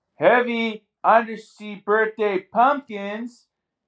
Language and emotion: English, happy